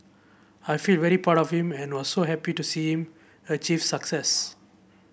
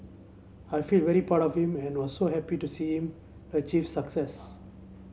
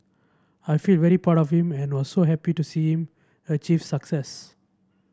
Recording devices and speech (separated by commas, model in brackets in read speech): boundary microphone (BM630), mobile phone (Samsung C7), standing microphone (AKG C214), read sentence